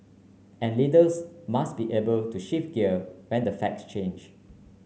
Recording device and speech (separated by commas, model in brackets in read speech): mobile phone (Samsung C9), read sentence